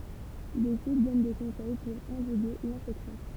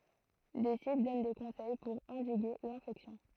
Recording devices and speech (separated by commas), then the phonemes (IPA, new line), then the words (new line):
temple vibration pickup, throat microphone, read sentence
de sit dɔn de kɔ̃sɛj puʁ ɑ̃diɡe lɛ̃fɛksjɔ̃
Des sites donnent des conseils pour endiguer l'infection.